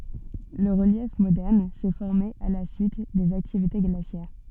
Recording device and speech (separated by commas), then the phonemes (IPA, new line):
soft in-ear microphone, read sentence
lə ʁəljɛf modɛʁn sɛ fɔʁme a la syit dez aktivite ɡlasjɛʁ